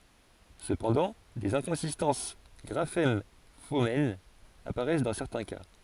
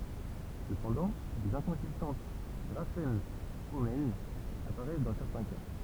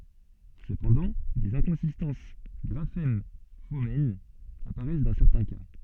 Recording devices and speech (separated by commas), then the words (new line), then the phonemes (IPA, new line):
forehead accelerometer, temple vibration pickup, soft in-ear microphone, read sentence
Cependant des inconsistances graphème-phonème apparaissent dans certains cas.
səpɑ̃dɑ̃ dez ɛ̃kɔ̃sistɑ̃s ɡʁafɛm fonɛm apaʁɛs dɑ̃ sɛʁtɛ̃ ka